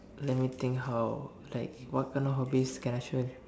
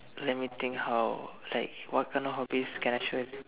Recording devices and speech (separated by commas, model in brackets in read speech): standing microphone, telephone, conversation in separate rooms